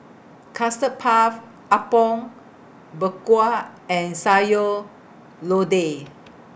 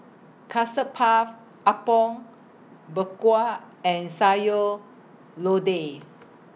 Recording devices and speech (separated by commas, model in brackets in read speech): boundary microphone (BM630), mobile phone (iPhone 6), read sentence